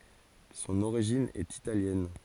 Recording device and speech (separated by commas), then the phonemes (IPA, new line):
forehead accelerometer, read sentence
sɔ̃n oʁiʒin ɛt italjɛn